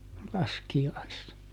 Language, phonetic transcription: Finnish, ˈlaski₍aissa .
- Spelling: laskiaisena

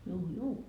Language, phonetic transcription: Finnish, juu juu .
- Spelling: juu juu

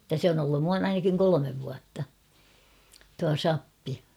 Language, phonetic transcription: Finnish, [et]tä 'se on ‿ollun ('nuan) ainakiŋ 'kolomev vuatta , tua "sappi .
- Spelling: että se on ollut noin ainakin kolme vuotta tuo sappi

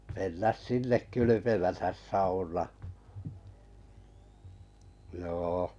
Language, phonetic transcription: Finnish, mennäs 'sinnek 'kylypemätäs 'saunaa jô .
- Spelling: mennä sinne kylpemättä saunaan joo

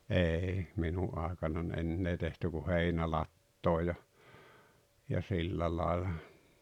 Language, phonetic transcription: Finnish, 'ei , 'minu’ ’àekanan "ennee tehty ku "heinälattoo ja , ja 'sillä laela .
- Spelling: ei minun aikanani enää tehty kuin heinälatoon ja ja sillä lailla

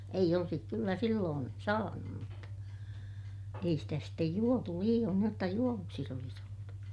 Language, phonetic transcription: Finnish, eij ‿olsik kyllä silloon , saanum mutta , ei stä sittej juotu liiʲoon niij jotta juovuksis ‿olis ‿oltu .
- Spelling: ei olisi kyllä silloin saanut mutta ei sitä sitten juotu liioin niin jotta juovuksissa olisi oltu

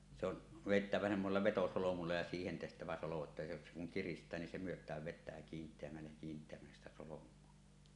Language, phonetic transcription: Finnish, se ‿on , "vèittävä 'semmosella 'vetosolomulla ja siihen tehtävä solo että se ku se kuŋ 'kirist̀ää nin se "myöt̀ääv 'vet̆tää 'kiint̀eämmällej ja kiint̀eämmälles sⁱtä "solom̀uo .
- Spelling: se on vedettävä semmoisella vetosolmulla ja siihen tehtävä solo että se kun se kun kiristää niin se myötää vettä kiinteämmälle ja kiinteämmälle sitä solmua

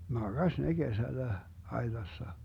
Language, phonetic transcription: Finnish, "maGaś ne 'Gesällä , 'ai̮tassa .
- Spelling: makasi ne kesällä aitassa

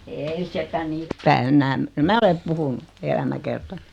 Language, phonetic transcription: Finnish, 'eei sitä "niippäi 'ennääm , 'mä ole 'puhunu , 'elämäkertaɴ(ɪ) .
- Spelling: ei sitä niin päin enää minä olen puhunut elämäkertani

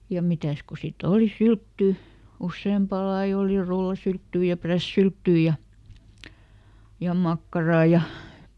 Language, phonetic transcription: Finnish, ja ˈmitä̀s ko siˈt ‿oli "sylttỳ , ˈussèmpà ˈlai ˈoli "rullasylttyy ja "prässylttyy ja , ja "makkaraa ja ,.
- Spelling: ja mitäs kun sitten oli syltty useampaa lajia oli rullasylttyä ja prässisylttyä ja ja makkaraa ja

